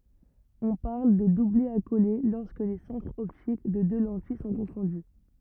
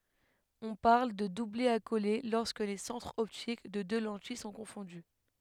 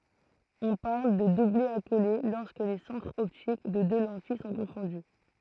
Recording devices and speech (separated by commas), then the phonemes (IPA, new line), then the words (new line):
rigid in-ear microphone, headset microphone, throat microphone, read sentence
ɔ̃ paʁl də dublɛ akole lɔʁskə le sɑ̃tʁz ɔptik de dø lɑ̃tij sɔ̃ kɔ̃fɔ̃dy
On parle de doublet accolé lorsque les centres optiques des deux lentilles sont confondus.